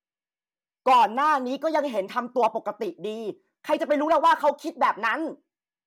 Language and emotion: Thai, angry